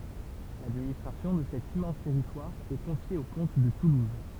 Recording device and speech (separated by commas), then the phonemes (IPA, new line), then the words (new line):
temple vibration pickup, read sentence
ladministʁasjɔ̃ də sɛt immɑ̃s tɛʁitwaʁ ɛ kɔ̃fje o kɔ̃t də tuluz
L'administration de cet immense territoire est confiée aux comtes de Toulouse.